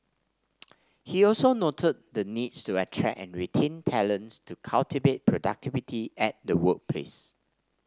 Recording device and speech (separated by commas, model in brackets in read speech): standing microphone (AKG C214), read sentence